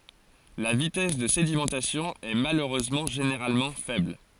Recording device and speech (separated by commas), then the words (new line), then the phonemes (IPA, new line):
forehead accelerometer, read sentence
La vitesse de sédimentation est malheureusement généralement faible.
la vitɛs də sedimɑ̃tasjɔ̃ ɛ maløʁøzmɑ̃ ʒeneʁalmɑ̃ fɛbl